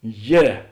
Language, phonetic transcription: Lithuanian, ˈje

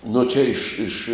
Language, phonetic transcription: Lithuanian, nu ˈčia ˈiš ˈiš

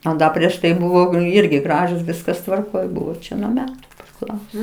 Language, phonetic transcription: Lithuanian, a ˈda prieš ˈtai buˈvau ˈirgi ˈgražus ˈviskas tvarˈkoj ˈbuvo ˈčia nuo ˈmetu priˈklauso

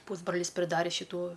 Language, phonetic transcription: Lithuanian, ˈpūsbralis priˈdarė šiˈtų

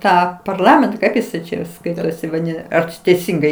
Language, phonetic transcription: Lithuanian, ˈtą parˈlamenta ˈkaip jis ˈčia jau ˈskaitosi vaˈdina ar či teiˈsingai

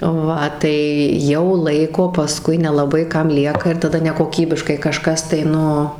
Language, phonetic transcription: Lithuanian, ˈva tai ˈjau ˈlaiko paˈskui nelaˈbai ˈkam ˈlieka ir taˈda nekoˈkybiškai kaˈžkas tai ˈnu

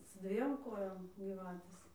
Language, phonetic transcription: Lithuanian, su ˈdviem ˈkojom gyˈvatės

